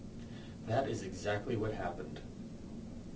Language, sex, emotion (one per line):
English
male
neutral